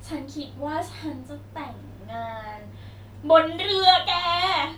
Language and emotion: Thai, happy